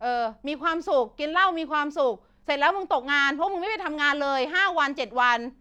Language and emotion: Thai, frustrated